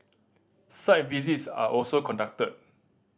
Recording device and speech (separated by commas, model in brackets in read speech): standing microphone (AKG C214), read sentence